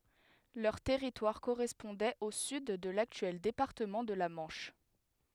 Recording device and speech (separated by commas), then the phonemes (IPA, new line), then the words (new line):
headset microphone, read sentence
lœʁ tɛʁitwaʁ koʁɛspɔ̃dɛt o syd də laktyɛl depaʁtəmɑ̃ də la mɑ̃ʃ
Leur territoire correspondait au sud de l'actuel département de la Manche.